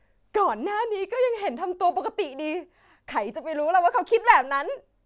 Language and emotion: Thai, happy